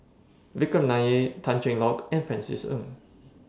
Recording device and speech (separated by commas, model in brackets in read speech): standing microphone (AKG C214), read sentence